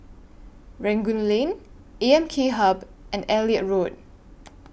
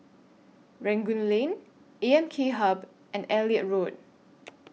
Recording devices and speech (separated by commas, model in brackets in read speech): boundary microphone (BM630), mobile phone (iPhone 6), read sentence